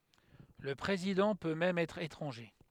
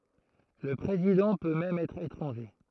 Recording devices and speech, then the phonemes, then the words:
headset microphone, throat microphone, read sentence
lə pʁezidɑ̃ pø mɛm ɛtʁ etʁɑ̃ʒe
Le président peut même être étranger.

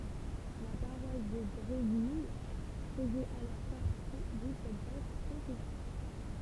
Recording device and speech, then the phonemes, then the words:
temple vibration pickup, read sentence
la paʁwas də bʁevil fəzɛt alɔʁ paʁti də sɛt vast kɔ̃sɛsjɔ̃
La paroisse de Bréville faisait alors partie de cette vaste concession.

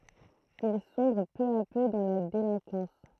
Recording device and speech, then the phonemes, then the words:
throat microphone, read sentence
il sɔ̃bʁ pø a pø dɑ̃ la delɛ̃kɑ̃s
Il sombre peu à peu dans la délinquance.

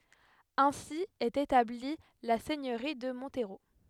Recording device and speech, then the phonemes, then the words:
headset microphone, read sentence
ɛ̃si ɛt etabli la sɛɲøʁi də mɔ̃tʁo
Ainsi est établie la seigneurie de Montereau.

